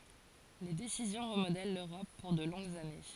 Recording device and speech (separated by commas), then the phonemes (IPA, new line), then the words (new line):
forehead accelerometer, read sentence
le desizjɔ̃ ʁəmodɛl løʁɔp puʁ də lɔ̃ɡz ane
Les décisions remodèlent l'Europe pour de longues années.